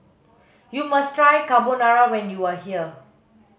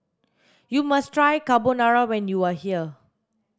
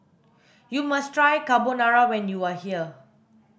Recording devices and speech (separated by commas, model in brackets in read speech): mobile phone (Samsung S8), standing microphone (AKG C214), boundary microphone (BM630), read sentence